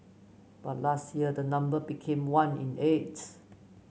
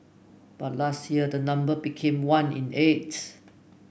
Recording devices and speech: mobile phone (Samsung C9), boundary microphone (BM630), read sentence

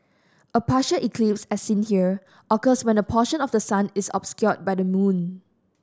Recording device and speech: standing microphone (AKG C214), read sentence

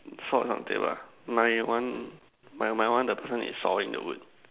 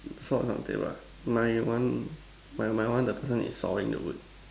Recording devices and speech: telephone, standing microphone, conversation in separate rooms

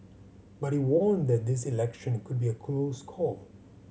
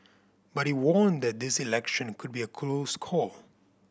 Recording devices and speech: mobile phone (Samsung C7100), boundary microphone (BM630), read sentence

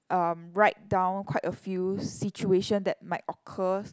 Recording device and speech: close-talking microphone, conversation in the same room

